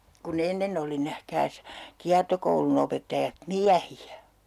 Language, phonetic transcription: Finnish, ku'n ‿ennen ‿oli 'nähkääs , 'kiartokoulun ‿opettajat "miähi₍ä .
- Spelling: kun ennen oli nähkääs kiertokoulun opettajat miehiä

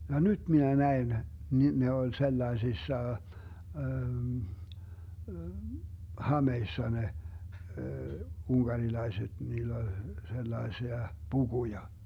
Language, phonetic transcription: Finnish, ja "nyt 'minä 'näen , ni , ne oĺ 'sellaesissa , "hameissa ne , 'unGarilaiset , 'niill ‿oĺ , 'sellaesia , "puGuja .
- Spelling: ja nyt minä näin niin ne oli sellaisissa hameissa ne unkarilaiset niillä oli sellaisia pukuja

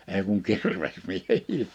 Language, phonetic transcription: Finnish, èi kuŋ 'kirves'miehii .
- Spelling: ei kuin kirvesmiehiä

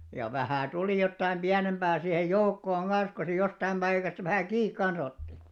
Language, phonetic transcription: Finnish, ja 'vähä̀ 'tulì jottaim 'ʙiänemʙää sihej "joukkooŋ 'ɢan̬s ko se 'jostaim ʙaikasta vähä̀ "kiik 'kan̬s ‿otti .
- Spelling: ja vähän tuli jotakin pienempää siihen joukkoon kanssa kun se jostakin paikasta vähän kiinni kanssa otti

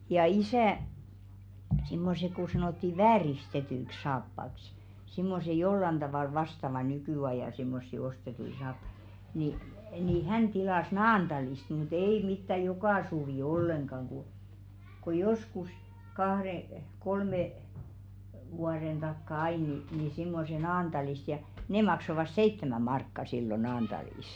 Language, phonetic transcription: Finnish, ja 'isä̀ , simmose ku 'sanòtti "vääris'tetyⁱkˢ 'saappaks , simmose 'jollan ᴅavàl 'vastava 'ny-kỳ₍ajà simmossi "ostetui 'saappᴀɪ , ni , nì "hän 'tilàs "Naanᴅalist mu"t ‿ei mittä "jokà suvì 'olleŋɢaŋ ku , ko 'joskus 'kahðe , 'kolme , vuaðen ᴅakka 'ai ni , nì simmose "Naantalist ja , 'ne maksovas "seittemä 'markka sillo 'Naanᴅalìs .
- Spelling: ja isä semmoiset kun sanottiin vääristetyksi saappaaksi semmoiset jollakin tavalla vastaavat nykyajan semmoisia ostettuja saappaita niin niin hän tilasi Naantalista mutta ei mitään joka suvi ollenkaan kun kun joskus kahden kolme vuoden takaa aina niin niin semmoiset Naantalista ja ne maksoivat seitsemän markkaa silloin Naantalissa

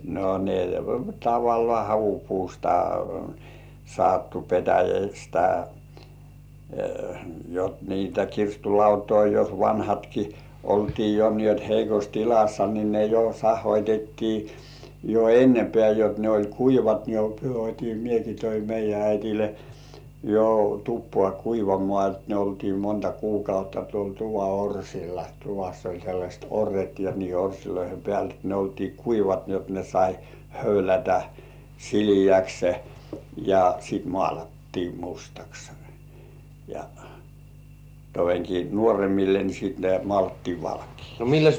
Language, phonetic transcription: Finnish, no ne "tavallŏà 'havupuusta , sattu 'petäjästä , jot niitä 'kirstul "lautoi jos "vanhatki , 'oltii jo ni ‿ot 'heikos "tilassa ni ne jo "sah̆hoitettii , jo "ennepĕä̀ jot 'ne oĺ "kuivat ne ot́im "mieki toim meij̆jä 'äitile , jo 'tuppŏà "kuivamŏà ot ne oltii 'monta "kuukautta tuol tuva 'orsilla , 'tuvas oĺ sellaśt "orret ja niihe 'orsiloihe pĕä̀l et ne oltii "kuivat ni ‿ot ne sai 'höylätä , "sili₍äkse , ja sit 'mŏ§àlattii "mustaks , ja , toveŋki "nuoremmille ni sit nĕä̀t 'mŏàlattii 'valkiiks .
- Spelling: no ne tavallaan havupuusta sattui petäjästä jotta niitä kirstun lautoja jos vanhatkin oltiin jo niin jotta heikossa tilassa niin ne jo sahoitettiin jo ennempään jotta ne oli kuivat ne otin minäkin toin meidän äidille jo tupaan kuivamaan jotta ne oltiin monta kuukautta tuolla tuvan orsilla tuvassa oli sellaiset orret ja niiden orsien päällä että ne oltiin kuivat niin jotta ne sai höylätä sileäksi ja sitten maalattiin mustaksi ja todenkin nuoremmille niin sitten näet maalattiin valkeaksi

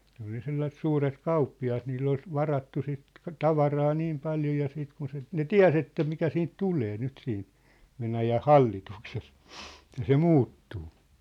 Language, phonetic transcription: Finnish, ne ‿ol ja 'sellasĕt 'suuret "kauppi₍at nill ‿ol , "varattu sit , "tavaraa "niim 'paljo ja 'siit kun se , ne "tiä̭s ‿että mikä siint "tulee 'nyt siin , 'Venäjäh "hallitukses , ĕttä se "muuttuu .
- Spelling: ne oli ja sellaiset suuret kauppiaat niillä oli varattu sitä tavaraa niin paljon ja sitten kun se ne tiesi että mikä siitä tulee nyt siinä Venäjän hallituksessa että se muuttuu

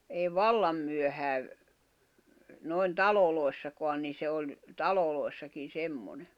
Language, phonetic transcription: Finnish, èi "vallam myöhääv , nòi̬n "talolòi̬ssakoan ni se oĺ , "talolòi̬ssakin̬ 'semmone .
- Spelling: ei vallan myöhään noin taloissakaan niin se oli taloissakin semmoinen

